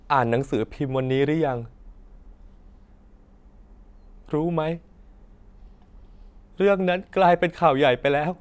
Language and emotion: Thai, sad